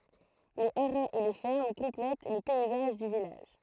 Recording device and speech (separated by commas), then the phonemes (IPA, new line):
throat microphone, read sentence
le aʁaz e le fɛʁm kɔ̃plɛt lə pɛizaʒ dy vilaʒ